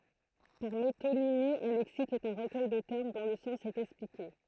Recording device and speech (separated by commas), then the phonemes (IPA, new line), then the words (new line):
throat microphone, read sentence
paʁ metonimi œ̃ lɛksik ɛt œ̃ ʁəkœj də tɛʁm dɔ̃ lə sɑ̃s ɛt ɛksplike
Par métonymie, un lexique est un recueil de termes dont le sens est expliqué.